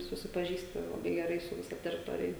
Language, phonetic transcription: Lithuanian, susipaˈžįsti laˈbai geˈrai su viˈsa teriˈtorija

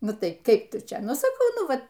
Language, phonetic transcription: Lithuanian, ˈnu ˈtai ˈkaip ˈtu ˈčia ˈnu saˈkau ˈnu ˈva

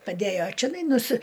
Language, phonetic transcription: Lithuanian, paˈdæjo čeˈnai nuˈsi

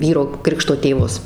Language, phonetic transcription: Lithuanian, ˈvyro ˈkrikšto tėˈvus

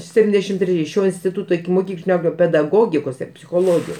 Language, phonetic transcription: Lithuanian, ˈseptindešim treˈji ˈšio instiˈtuto ikimoˈkyklinio pedaˈgogikos ir psichoˈlogijos

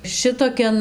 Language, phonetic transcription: Lithuanian, ˈšitokian

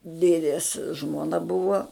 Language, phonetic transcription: Lithuanian, ˈdėdės žmoˈna ˈbuvo

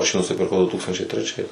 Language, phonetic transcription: Lithuanian, ˈaš jį nusipirˈkau du ˈtūkstančiai treˈčiais

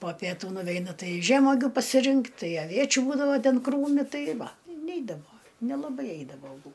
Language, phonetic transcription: Lithuanian, po pieˈtų nuˈveina ˈtai ˈžemogiu pasiˈrinkt ˈtai aˈviečiu ˈbūdava ˈten ˈkrūmi ˈtai ˈva i ˈneidavo nelaˈbai ˈeidavo aˈbū

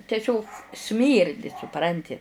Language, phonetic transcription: Lithuanian, teˈsiog ˈsmyrdi suˈpranti

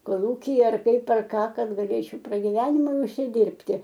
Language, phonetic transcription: Lithuanian, koˈlūkyje ar ˈkaip ar ˈką ˈkad gaˈlėčiau pragiˈvenimui užsiˈdirbti

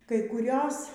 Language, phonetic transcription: Lithuanian, kai kuˈrios

